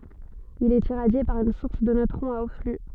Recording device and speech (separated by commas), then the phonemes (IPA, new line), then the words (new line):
soft in-ear microphone, read sentence
il ɛt iʁadje paʁ yn suʁs də nøtʁɔ̃z a o fly
Il est irradié par une source de neutrons à haut flux.